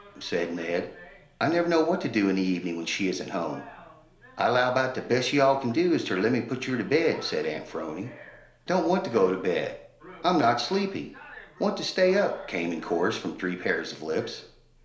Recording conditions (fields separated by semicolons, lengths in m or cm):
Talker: one person; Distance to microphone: 1.0 m; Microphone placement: close; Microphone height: 1.1 m; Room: small (3.7 m by 2.7 m); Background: television